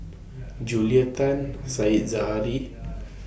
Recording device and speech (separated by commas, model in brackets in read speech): boundary microphone (BM630), read sentence